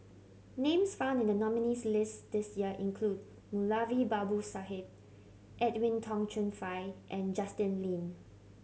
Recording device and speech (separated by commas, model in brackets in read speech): mobile phone (Samsung C7100), read sentence